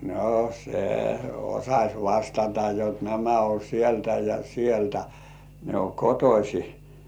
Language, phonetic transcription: Finnish, no 'se "osaś 'vastata jot nämä o "sieltä ja "sieltä , 'ne o "kotośi .
- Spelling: no se osasi vastata jotta nämä on sieltä ja sieltä ne on kotoisin

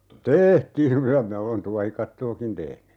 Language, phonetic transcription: Finnish, "teehtiiŋ ('kyllä) 'minä olen "tuahikattookin 'tehny .
- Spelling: tehtiin kyllä minä olen tuohikattoakin tehnyt

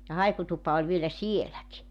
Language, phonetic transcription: Finnish, ja 'haikutupa oĺ vielä "sieläki .
- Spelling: ja haikutupa oli vielä sielläkin

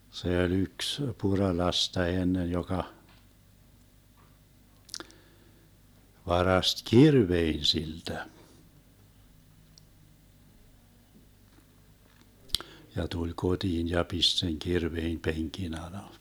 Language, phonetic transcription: Finnish, 'se oĺ 'yks , 'Puralasta 'ennen joka , 'varast "kirvein 'siltä , ja tuĺ 'koDiin ja 'pist seŋ 'kirveim 'peŋkin ‿ala .
- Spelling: se oli yksi Puralasta ennen joka varasti kirveen siltä ja tuli kotiin ja pisti sen kirveen penkin alle

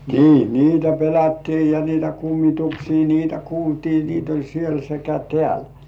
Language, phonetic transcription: Finnish, nii 'niitä "pelättii ja 'niitä "kummituksii niitä "kuultii niit ‿oĺ 'siel sekä "tĕä̀l .
- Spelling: niin niitä pelättiin ja niitä kummituksia niitä kuultiin niitä oli siellä sekä täällä

